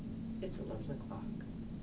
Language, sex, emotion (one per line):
English
female
neutral